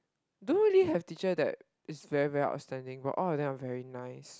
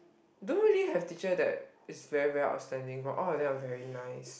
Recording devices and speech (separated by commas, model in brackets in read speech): close-talking microphone, boundary microphone, conversation in the same room